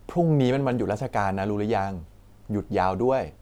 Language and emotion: Thai, neutral